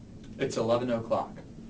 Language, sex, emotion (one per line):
English
male
neutral